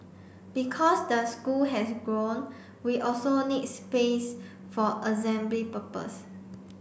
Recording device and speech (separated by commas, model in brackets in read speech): boundary microphone (BM630), read sentence